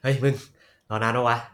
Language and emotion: Thai, happy